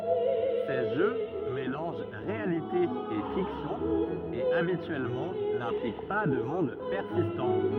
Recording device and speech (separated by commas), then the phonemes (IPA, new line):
rigid in-ear microphone, read sentence
se ʒø melɑ̃ʒ ʁealite e fiksjɔ̃ e abityɛlmɑ̃ nɛ̃plik pa də mɔ̃d pɛʁsistɑ̃